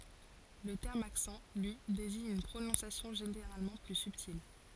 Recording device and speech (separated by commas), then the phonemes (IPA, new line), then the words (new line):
forehead accelerometer, read sentence
lə tɛʁm aksɑ̃ lyi deziɲ yn pʁonɔ̃sjasjɔ̃ ʒeneʁalmɑ̃ ply sybtil
Le terme accent, lui, désigne une prononciation généralement plus subtile.